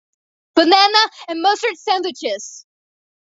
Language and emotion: English, sad